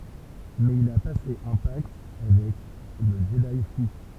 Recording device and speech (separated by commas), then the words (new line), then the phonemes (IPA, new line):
temple vibration pickup, read sentence
Mais il a passé un pacte avec le Jedi fou.
mɛz il a pase œ̃ pakt avɛk lə ʒədi fu